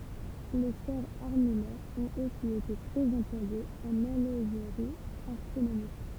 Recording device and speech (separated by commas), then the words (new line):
temple vibration pickup, read sentence
Les sphères armillaires ont aussi été très employées en horlogerie astronomique.